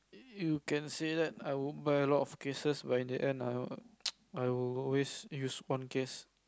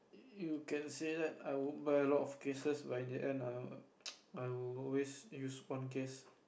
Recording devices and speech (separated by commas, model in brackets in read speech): close-talking microphone, boundary microphone, conversation in the same room